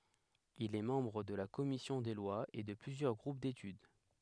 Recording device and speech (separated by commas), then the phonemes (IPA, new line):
headset microphone, read sentence
il ɛ mɑ̃bʁ də la kɔmisjɔ̃ de lwaz e də plyzjœʁ ɡʁup detyd